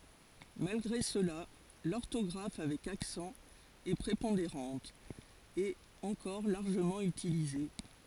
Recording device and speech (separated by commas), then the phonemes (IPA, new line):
forehead accelerometer, read sentence
malɡʁe səla lɔʁtɔɡʁaf avɛk aksɑ̃ ɛ pʁepɔ̃deʁɑ̃t e ɑ̃kɔʁ laʁʒəmɑ̃ ytilize